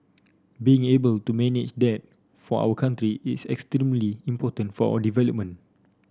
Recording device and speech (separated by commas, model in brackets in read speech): standing microphone (AKG C214), read sentence